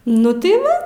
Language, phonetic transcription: Lithuanian, ˈnu tai ˈva

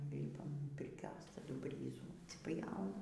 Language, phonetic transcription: Lithuanian, ˈlypam pirˈkios taˈdu ˈbryzų atsiˈpjauna

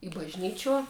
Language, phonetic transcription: Lithuanian, i bažˈnyčiuo

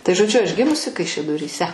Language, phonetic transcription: Lithuanian, tai žoˈdžiu aš ˈgimusi kaišiadoryˈse

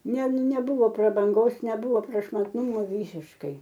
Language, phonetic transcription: Lithuanian, ne neˈbuvo prabanˈgos neˈbuvo prašmatˈnūmo ˈvysiškai

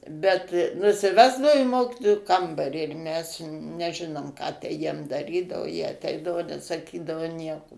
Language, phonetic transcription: Lithuanian, bet nusiˈvesdao į ˈmokitojų ˈkambarį ir mes neˈžinom ką tę ˈjiem daˈrydavo jie aˈteidavo nesaˈkydavo ˈnieko

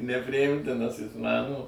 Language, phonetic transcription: Lithuanian, nepriˈjimtinas ˈjis ˈman o

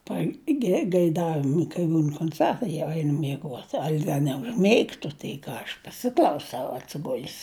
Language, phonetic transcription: Lithuanian, pagegaiˈdavimu kai ˈbūn konˈcertai jau ˈeinu mieˈguot ˈal' ˈda neužˈmeigtu tai ˈką ˈaš paˈsiklausau atsiˈgul's

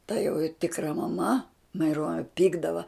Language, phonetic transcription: Lithuanian, ta jo ˈtikra maˈma maiˈruonia ˈpykdava

